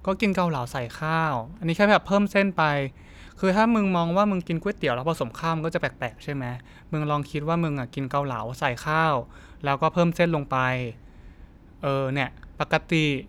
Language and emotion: Thai, neutral